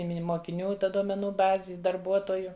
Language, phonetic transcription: Lithuanian, i ˈmini mokiˈnių ˈta duomeˈnų ˈbazi i darˈbuotoju

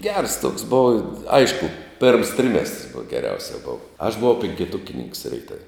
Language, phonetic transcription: Lithuanian, gers toks ˈbova ˈaišku pėrms ˈtrimestrs buv geˈriausia ˈbova aš buˈvau pinkiˈtukininks reiˈtav'

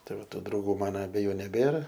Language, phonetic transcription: Lithuanian, ˈtai ˈva ˈtų drauˈgų ˈmana abeˈjų neˈbėra

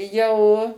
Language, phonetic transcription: Lithuanian, ˈjau

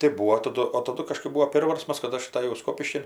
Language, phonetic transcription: Lithuanian, tai ˈbūo taˈdu o taˈdu kaˈžkɜp ˈbūo ˈpėrvarsmas kad ˈaš ataˈjau ˈskopiškin

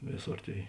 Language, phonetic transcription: Lithuanian, ˈvėˌsor ˈtėi

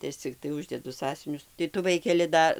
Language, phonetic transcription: Lithuanian, tai ˈaš cikˈtai ˈuždedu ˈsąsiuvinius tai ˈtu ˈvaikeli ˈda

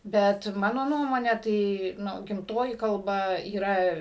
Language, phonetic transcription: Lithuanian, ˈbet ˈmano ˈnuomone ˈtai ˈnu gimˈtoji kalˈba yˈra

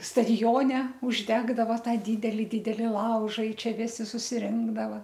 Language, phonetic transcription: Lithuanian, stadiˈjone užˈdegdava ˈtą ˈdydeli ˈdydeli ˈlauža i ˈčia ˈvisi susiˈrinkdava

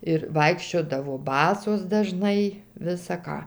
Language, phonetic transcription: Lithuanian, ir ˈvaikščiodavo ˈbasos daˈžnai ˈvisa ˈką

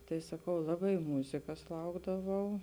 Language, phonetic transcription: Lithuanian, tai saˈkau ˈlabai ˈmūzikas ˈlaukdavau

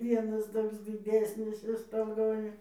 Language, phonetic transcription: Lithuanian, ˈvienas ˈtoks diˈdesnis ir stoˈgoj

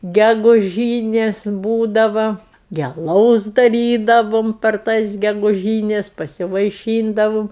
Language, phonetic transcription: Lithuanian, geguˈžynės ˈbūdava gi aˈlaus daˈrydavum per ˈtas geguˈžynes pasivaiˈšyndavum

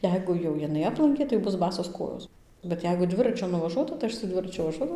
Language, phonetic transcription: Lithuanian, ˈjeigu jau jiˈnai ˈaplankė tai ˈbus ˈbasos ˈkojos bet ˈjeigu ˈdviračiu nuvaˈžuota tai ˈaš su ˈdviračiu vaˈžuodavau

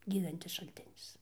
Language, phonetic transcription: Lithuanian, ˈgydantis šalˈtinis

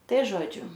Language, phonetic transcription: Lithuanian, ˈtai ˈžodžiu

